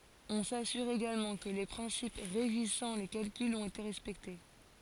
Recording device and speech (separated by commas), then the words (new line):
forehead accelerometer, read sentence
On s'assure également que les principes régissant les calculs ont été respectés.